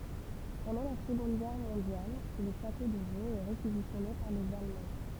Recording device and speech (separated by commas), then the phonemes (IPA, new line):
temple vibration pickup, read sentence
pɑ̃dɑ̃ la səɡɔ̃d ɡɛʁ mɔ̃djal lə ʃato də voz ɛ ʁekizisjɔne paʁ lez almɑ̃